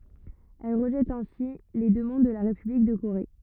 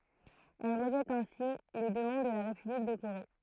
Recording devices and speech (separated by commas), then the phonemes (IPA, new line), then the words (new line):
rigid in-ear microphone, throat microphone, read sentence
ɛl ʁəʒɛt ɛ̃si le dəmɑ̃d də la ʁepyblik də koʁe
Elle rejette ainsi les demandes de la République de Corée.